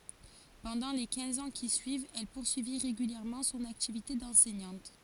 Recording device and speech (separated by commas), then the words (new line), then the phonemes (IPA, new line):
forehead accelerometer, read sentence
Pendant les quinze ans qui suivent, elle poursuit régulièrement son activité d'enseignante.
pɑ̃dɑ̃ le kɛ̃z ɑ̃ ki syivt ɛl puʁsyi ʁeɡyljɛʁmɑ̃ sɔ̃n aktivite dɑ̃sɛɲɑ̃t